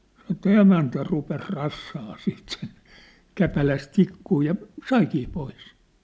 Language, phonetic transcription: Finnish, săn̆° ᵉt̆tä 'emäntä rupes 'rassaa siit sen , 'käpäläs 'tikkuu ja , "saikii 'pois !
- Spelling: sanoi että emäntä rupesi rassaamaan siten sen käpälässä tikkua ja saikin pois

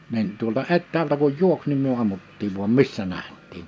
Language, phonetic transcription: Finnish, nin , tuolta 'ettäältä kuj 'juoks nim myö 'ammuttiiv vuam "missä 'näht̆tiin̬ .
- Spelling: niin tuolta etäältä kun juoksi niin me ammuttiin vain missä nähtiin

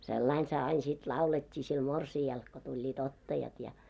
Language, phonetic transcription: Finnish, sellain se ain sit 'laulet́t́i sil 'morsi₍al , ko tuĺĺii't ‿ottajat ja .
- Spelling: sellainen se aina sitten laulettiin sille morsiamelle kun tulivat ottajat ja

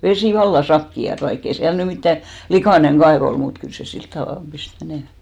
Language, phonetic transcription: Finnish, 'vesì 'valla "sakki₍at vaik'k ‿ei 'siäl ny 'mittä , "likàneŋ 'kaev ‿ol mut , kyl se 'silt tavàlp 'pist 'menèmä .
- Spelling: vesi vallan sakeaa vaikka ei siellä nyt mitään likainen kaivo oli mutta kyllä se sillä tavalla pisti menemään

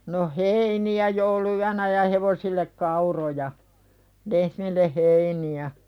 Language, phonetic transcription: Finnish, no "heini₍ä joulu₍yänä ja "hevosillek 'kauroja , "lehmille 'heini₍ä .
- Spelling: no heiniä jouluyönä ja hevosille kauroja lehmille heiniä

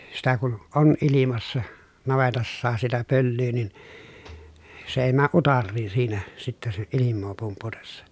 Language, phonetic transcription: Finnish, sitä kun ʼon ʼilimassa , navetassaas sitä pöllyy nin , se èi määʼ ʼutarriin̬ siinä , sittɛ se , ilimmoo pumputessa .
- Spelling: sitä kun on ilmassa navetassakin sitä pölyä niin se ei mene utareisiin siinä sitten se ilmaa pumputessa

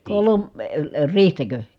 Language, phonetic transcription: Finnish, kolom- , əə , riihtäkö ?
- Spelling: - - riihtäkö

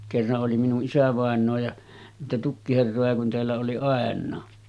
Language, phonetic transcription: Finnish, kerra’ ’oli minu’ '’isävàen̆noo ja , niitä 'tukkiherroja kun teällä oli 'àen̆naa .
- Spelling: kerran oli minun isävainaa ja niitä tukkiherroja kun täällä oli ainakin

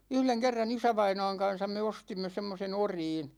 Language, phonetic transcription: Finnish, 'yhleŋ kerran "isävaina̭a̭ŋ 'kan̬sam me 'ostimme 'semmosen "oriin .
- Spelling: yhden kerran isävainaan kanssa me ostimme semmoisen oriin

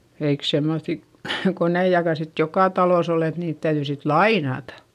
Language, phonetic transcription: Finnish, eik semmoϑi , koneijaka sit jokà talòs ‿ol ‿et niit täyδyi sit lainatA .
- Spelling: eikä semmoisia koneitakaan sitten joka talossa ollut että niitä täytyi sitten lainata

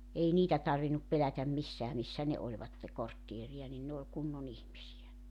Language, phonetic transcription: Finnish, 'ei 'niitä tarvinup 'pelätäm 'missää missä 'ne 'oĺvatte 'korttieri₍a nin 'ne oĺ 'kunnon ‿ihmisi₍ä .
- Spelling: ei niitä tarvinnut pelätä missään missä ne olivat kortteeria niin ne oli kunnon ihmisiä

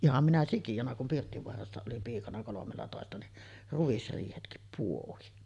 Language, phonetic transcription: Finnish, 'iham minä "sikijona kum 'Pirttivoarassa olim piikana 'kolomellatòesta ni , 'ruisriihetkip puohin .
- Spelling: ihan minä sikiönä kun Pirttivaarassa olin piikana kolmellatoista niin ruisriihetkin pohdin

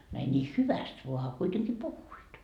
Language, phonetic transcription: Finnish, no ei ńii "hyväst voa a 'kuiteŋki "puhhuit .
- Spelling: no ei niin hyvästi vaan a kuitenkin puhuivat

